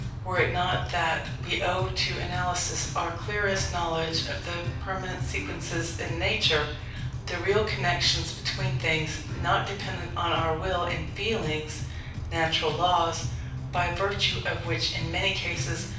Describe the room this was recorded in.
A medium-sized room (about 5.7 m by 4.0 m).